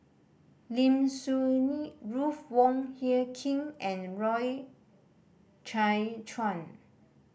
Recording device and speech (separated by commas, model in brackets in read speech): boundary microphone (BM630), read sentence